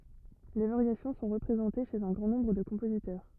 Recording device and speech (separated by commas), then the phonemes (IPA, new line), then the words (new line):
rigid in-ear microphone, read sentence
le vaʁjasjɔ̃ sɔ̃ ʁəpʁezɑ̃te ʃez œ̃ ɡʁɑ̃ nɔ̃bʁ də kɔ̃pozitœʁ
Les variations sont représentées chez un grand nombre de compositeurs.